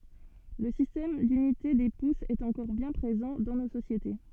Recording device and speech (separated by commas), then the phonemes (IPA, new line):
soft in-ear microphone, read sentence
lə sistɛm dynite de pusz ɛt ɑ̃kɔʁ bjɛ̃ pʁezɑ̃ dɑ̃ no sosjete